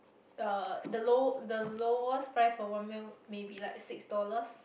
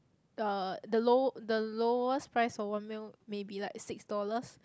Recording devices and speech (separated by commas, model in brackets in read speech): boundary microphone, close-talking microphone, conversation in the same room